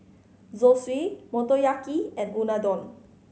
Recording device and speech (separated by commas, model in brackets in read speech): mobile phone (Samsung C5010), read sentence